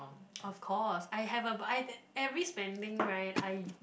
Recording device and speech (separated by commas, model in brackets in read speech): boundary microphone, conversation in the same room